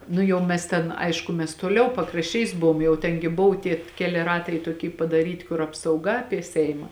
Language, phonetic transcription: Lithuanian, ˈnu jau mes ˈten ˈaišku mes toˈliau pakrašˈčiais ˈbuvom jau ˈten gi ˈbuvu ˈtie ˈkeli ˈratai toˈky padaˈryti kur apsauˈga ˈapie ˈseima

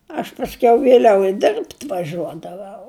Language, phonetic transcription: Lithuanian, aš pasˈkiau vėˈliau i ˈdirbt' vaˈžiuodavau

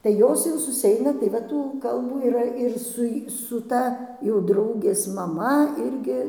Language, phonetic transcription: Lithuanian, tai ˈjos jau susiˈeina tai ˈva tų ˈkalbų yˈra ir ˈsu j su ˈta jau ˈdraugės maˈma ˈirgi

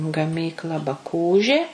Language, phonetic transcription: Lithuanian, gaˈmykla baˈkūžė

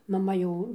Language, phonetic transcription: Lithuanian, maˈma ˈjau

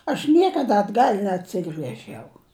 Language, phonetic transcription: Lithuanian, aš ˈniekada atˈgal' neatˈsigrežiau

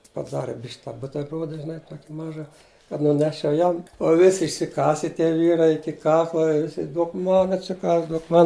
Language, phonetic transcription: Lithuanian, paˈdari bišk' tą ˈbuterˈbruoda žiˈnai ˈtuoki ˈmaža kad nuˈneščiau ˈjam u ˈvisi išsiˈkase tie ˈvyrai ˈiki ˈkakla ˈvisi ˈduok ˈman atsiˈkąs ˈduok ˈman

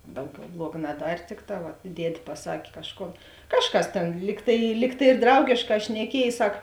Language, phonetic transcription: Lithuanian, ˈdauˌgiau ˈbluoga naˈdar' ˈtikˌtā vat ˈdied' paˈsak' ˈkažˌkon ˈkažˌkas ˈtėn ˈlyg tai ˈlyg tai ir ˈdraugėšˌkā šneˈkiej ˈsak

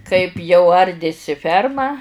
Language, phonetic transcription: Lithuanian, kaip jau ˈardėsi ˈferma

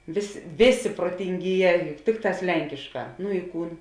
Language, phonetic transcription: Lithuanian, ˈvės' ˈvėˌsė protinˈgyˌjē ˈtikˌtās ˈlenkišˌkā nu i ˈkūn

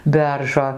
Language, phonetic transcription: Lithuanian, ˈberžo

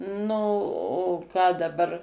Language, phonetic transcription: Lithuanian, ˈnu o ˈką daˈbar

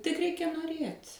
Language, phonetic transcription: Lithuanian, tik ˈreikia noˈrėt'

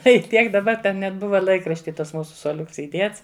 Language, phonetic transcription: Lithuanian, ˈtai ˈtiek daˈba ˈten net ˈbuva ˈlaikrašti ˈtas ˈmūsu suoˈliuks įˈdiets

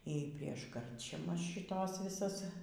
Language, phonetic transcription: Lithuanian, y ˈprieš ˈkarčiamas šiˈtos viˈsas

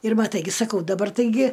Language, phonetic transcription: Lithuanian, ir maˈtai gi saˈkau daˈbar taiˈgi

